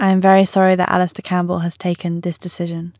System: none